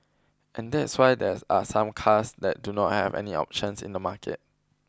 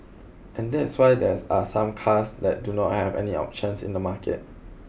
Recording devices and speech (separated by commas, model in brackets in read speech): close-talking microphone (WH20), boundary microphone (BM630), read sentence